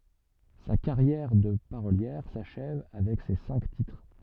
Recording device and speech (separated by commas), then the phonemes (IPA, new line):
soft in-ear microphone, read sentence
sa kaʁjɛʁ də paʁoljɛʁ saʃɛv avɛk se sɛ̃k titʁ